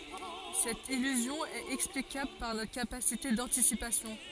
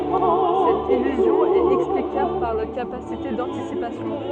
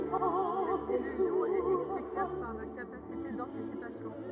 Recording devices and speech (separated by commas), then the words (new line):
forehead accelerometer, soft in-ear microphone, rigid in-ear microphone, read sentence
Cette illusion est explicable par notre capacité d'anticipation.